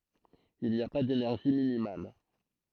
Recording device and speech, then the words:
throat microphone, read sentence
Il n'y a pas d'énergie minimale.

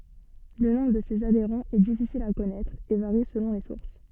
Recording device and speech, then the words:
soft in-ear microphone, read sentence
Le nombre de ses adhérents est difficile à connaître et varie selon les sources.

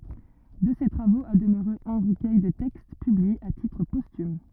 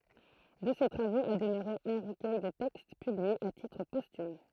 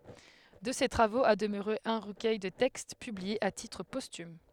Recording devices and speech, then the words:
rigid in-ear microphone, throat microphone, headset microphone, read sentence
De ces travaux a demeuré un recueil de textes, publié à titre posthume.

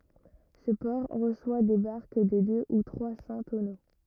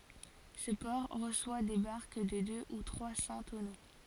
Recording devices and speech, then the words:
rigid in-ear microphone, forehead accelerometer, read sentence
Ce port reçoit des barques de deux ou trois cents tonneaux.

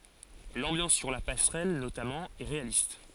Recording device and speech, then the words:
forehead accelerometer, read sentence
L'ambiance sur la passerelle, notamment, est réaliste.

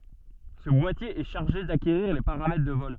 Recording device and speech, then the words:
soft in-ear microphone, read sentence
Ce boîtier est chargé d'acquérir les paramètres de vol.

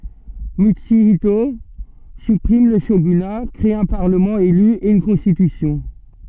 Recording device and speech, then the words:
soft in-ear microphone, read sentence
Mutsuhito supprime le shogunat, crée un parlement élu et une constitution.

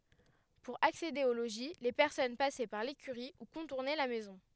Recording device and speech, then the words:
headset microphone, read sentence
Pour accéder au logis, les personnes passaient par l'écurie ou contournaient la maison.

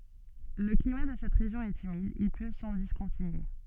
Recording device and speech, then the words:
soft in-ear microphone, read sentence
Le climat de cette région est humide, il pleut sans discontinuer.

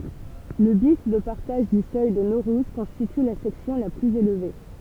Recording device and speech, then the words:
temple vibration pickup, read sentence
Le bief de partage du seuil de Naurouze constitue la section la plus élevée.

